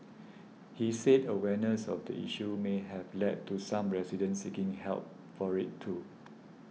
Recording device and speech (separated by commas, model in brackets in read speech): mobile phone (iPhone 6), read sentence